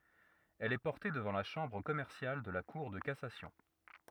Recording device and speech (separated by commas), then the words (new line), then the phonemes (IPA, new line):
rigid in-ear microphone, read sentence
Elle est portée devant la chambre commerciale de la cour de cassation.
ɛl ɛ pɔʁte dəvɑ̃ la ʃɑ̃bʁ kɔmɛʁsjal də la kuʁ də kasasjɔ̃